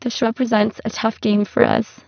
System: VC, spectral filtering